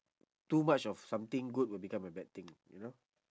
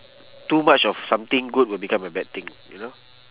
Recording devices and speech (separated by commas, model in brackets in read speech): standing microphone, telephone, conversation in separate rooms